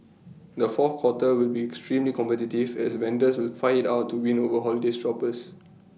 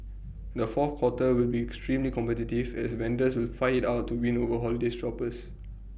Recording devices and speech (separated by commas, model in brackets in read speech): mobile phone (iPhone 6), boundary microphone (BM630), read sentence